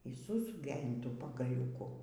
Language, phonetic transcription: Lithuanian, y sūˈsukė in ˈtų pagaliūˈku

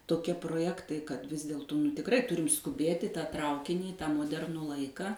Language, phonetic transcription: Lithuanian, toˈkie proˈjektai kad vis ˈdėltū nu tikˈrai ˈturim skuˈbėt' i tą ˈtraukinį i tą moˈdernų ˈlaika

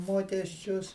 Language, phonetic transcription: Lithuanian, ˈmokesčius

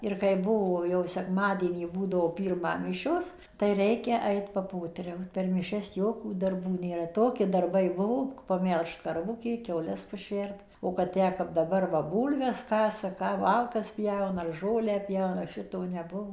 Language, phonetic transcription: Lithuanian, ir kai ˈbuvo jau sekˈmadienį ˈbūdavo ˈpyrmą ˈmišios tai ˈreikia ˈait paˈpoteriaut per miˈšias ˈjokų darˈbų nėˈra ˈtoki darˈbai ˈbuvo paˈmelžt karˈvukė kiauˈles paˈšert o kad ˈtę kap daˈbar va ˈbūlves ˈkasa ˈką ˈmalkas ˈpjauna ar ˈžolę ˈpjauna ˈšito neˈbuvo

